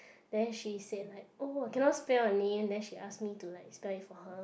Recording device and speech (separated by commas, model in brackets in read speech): boundary microphone, conversation in the same room